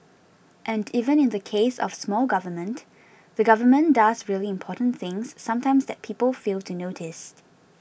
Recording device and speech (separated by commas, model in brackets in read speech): boundary microphone (BM630), read sentence